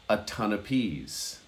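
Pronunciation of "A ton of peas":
'A ton of peas' is spoken quickly, and 'of' is said as just an uh sound.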